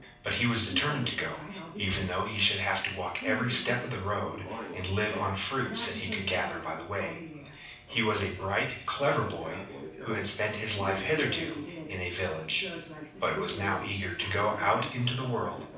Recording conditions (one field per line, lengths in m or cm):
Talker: one person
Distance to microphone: 5.8 m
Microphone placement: far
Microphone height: 1.8 m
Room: medium-sized (5.7 m by 4.0 m)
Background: television